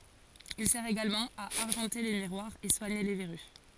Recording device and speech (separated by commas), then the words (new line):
forehead accelerometer, read sentence
Il sert également à argenter les miroirs, et soigner les verrues.